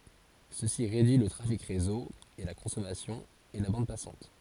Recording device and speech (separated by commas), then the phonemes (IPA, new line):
forehead accelerometer, read sentence
səsi ʁedyi lə tʁafik ʁezo e la kɔ̃sɔmasjɔ̃ e la bɑ̃d pasɑ̃t